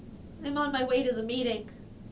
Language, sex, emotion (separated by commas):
English, female, neutral